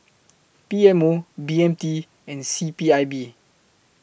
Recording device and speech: boundary microphone (BM630), read sentence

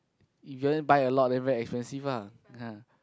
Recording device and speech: close-talking microphone, conversation in the same room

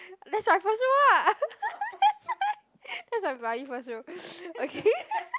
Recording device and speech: close-talking microphone, conversation in the same room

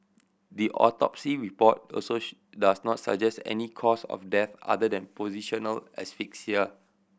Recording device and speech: boundary microphone (BM630), read sentence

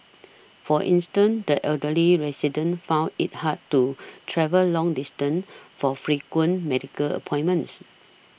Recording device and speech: boundary microphone (BM630), read sentence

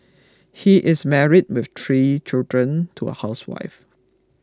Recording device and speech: close-talking microphone (WH20), read sentence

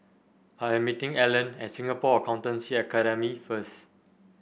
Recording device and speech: boundary microphone (BM630), read sentence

